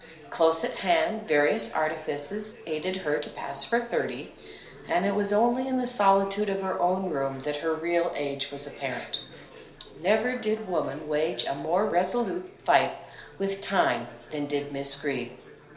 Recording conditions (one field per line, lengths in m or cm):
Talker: one person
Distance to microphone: 1.0 m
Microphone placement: close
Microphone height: 1.1 m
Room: small (3.7 m by 2.7 m)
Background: babble